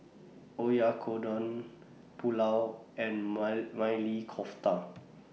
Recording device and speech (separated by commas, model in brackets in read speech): mobile phone (iPhone 6), read sentence